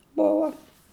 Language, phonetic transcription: Lithuanian, ˈbova

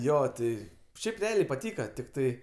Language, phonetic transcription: Lithuanian, ˈjo ˈti ˈšiaip reˈaliai paˈtyka tikˈtai

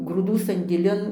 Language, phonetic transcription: Lithuanian, grūˈdų sandėˈlin

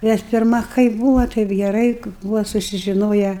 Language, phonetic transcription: Lithuanian, nes pirˈma kaip ˈbūva taip geˈrai ˈbūva susižiˈnoja

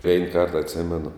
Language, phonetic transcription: Lithuanian, vein kart atˈsimenu

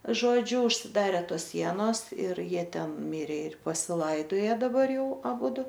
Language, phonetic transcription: Lithuanian, ˈžodžiu užsiˈdare ˈtos ˈsienos ir ˈjie ˈten ˈmirė ir pasiˈlaidoje daˈbar ˈjau aˈbudu

